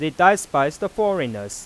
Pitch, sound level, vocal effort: 155 Hz, 96 dB SPL, normal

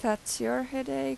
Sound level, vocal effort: 87 dB SPL, normal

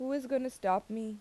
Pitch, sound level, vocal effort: 225 Hz, 84 dB SPL, normal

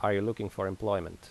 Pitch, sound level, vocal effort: 100 Hz, 83 dB SPL, normal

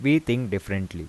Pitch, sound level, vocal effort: 100 Hz, 84 dB SPL, normal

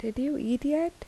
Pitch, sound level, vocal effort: 285 Hz, 78 dB SPL, soft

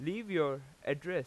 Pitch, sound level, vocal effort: 155 Hz, 93 dB SPL, loud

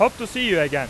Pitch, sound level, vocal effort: 225 Hz, 101 dB SPL, very loud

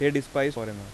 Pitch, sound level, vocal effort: 140 Hz, 89 dB SPL, soft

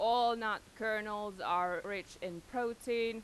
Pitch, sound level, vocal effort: 215 Hz, 94 dB SPL, very loud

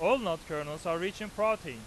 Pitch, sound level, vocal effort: 170 Hz, 100 dB SPL, loud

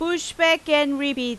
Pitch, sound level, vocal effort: 295 Hz, 93 dB SPL, very loud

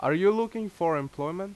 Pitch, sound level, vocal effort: 190 Hz, 89 dB SPL, very loud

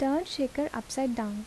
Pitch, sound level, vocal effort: 265 Hz, 75 dB SPL, soft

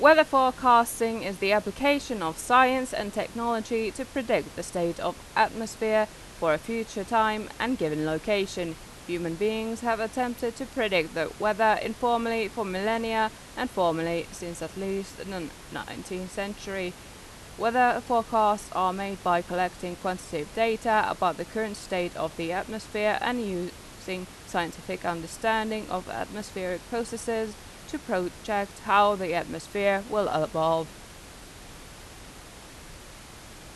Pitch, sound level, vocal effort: 205 Hz, 88 dB SPL, loud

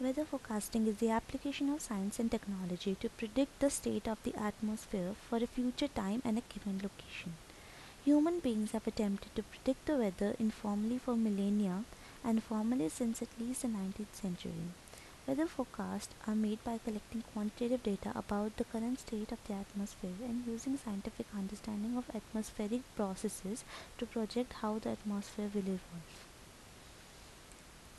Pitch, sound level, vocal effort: 220 Hz, 76 dB SPL, soft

